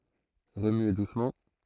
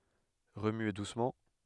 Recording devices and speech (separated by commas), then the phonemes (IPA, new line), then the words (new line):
throat microphone, headset microphone, read sentence
ʁəmye dusmɑ̃
Remuer doucement.